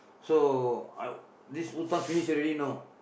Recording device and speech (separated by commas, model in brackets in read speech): boundary microphone, conversation in the same room